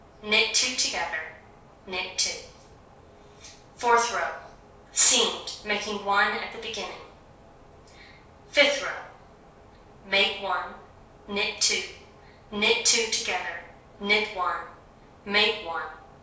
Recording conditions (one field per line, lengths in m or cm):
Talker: one person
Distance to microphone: 3.0 m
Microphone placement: far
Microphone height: 1.8 m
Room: small (3.7 m by 2.7 m)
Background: none